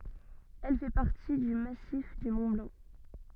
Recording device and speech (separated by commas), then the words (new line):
soft in-ear microphone, read sentence
Elle fait partie du massif du Mont-Blanc.